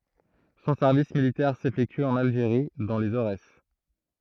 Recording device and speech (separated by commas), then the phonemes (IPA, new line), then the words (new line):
throat microphone, read sentence
sɔ̃ sɛʁvis militɛʁ sefɛkty ɑ̃n alʒeʁi dɑ̃ lez oʁɛs
Son service militaire s'effectue en Algérie, dans les Aurès.